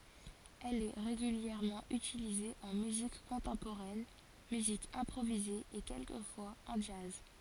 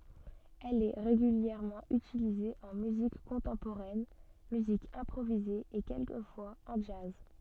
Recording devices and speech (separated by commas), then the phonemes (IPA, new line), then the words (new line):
forehead accelerometer, soft in-ear microphone, read sentence
ɛl ɛ ʁeɡyljɛʁmɑ̃ ytilize ɑ̃ myzik kɔ̃tɑ̃poʁɛn myzik ɛ̃pʁovize e kɛlkəfwaz ɑ̃ dʒaz
Elle est régulièrement utilisée en musique contemporaine, musique improvisée et quelquefois en jazz.